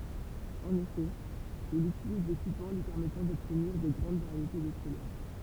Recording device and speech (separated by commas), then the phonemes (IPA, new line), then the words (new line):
temple vibration pickup, read sentence
ɑ̃n efɛ il ytiliz de piɡmɑ̃ lyi pɛʁmɛtɑ̃ dɔbtniʁ də ɡʁɑ̃d vaʁjete də kulœʁ
En effet, il utilise des pigments lui permettant d'obtenir de grandes variétés de couleurs.